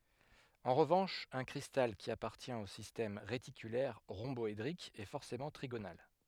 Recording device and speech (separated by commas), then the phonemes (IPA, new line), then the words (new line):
headset microphone, read sentence
ɑ̃ ʁəvɑ̃ʃ œ̃ kʁistal ki apaʁtjɛ̃t o sistɛm ʁetikylɛʁ ʁɔ̃bɔedʁik ɛ fɔʁsemɑ̃ tʁiɡonal
En revanche, un cristal qui appartient au système réticulaire rhomboédrique est forcément trigonal.